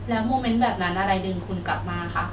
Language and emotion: Thai, neutral